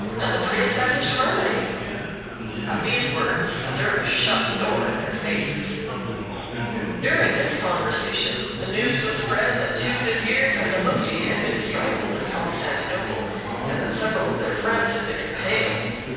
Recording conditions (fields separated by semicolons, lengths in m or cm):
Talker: one person; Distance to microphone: 7.1 m; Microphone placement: far; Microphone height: 1.7 m; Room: very reverberant, large; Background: babble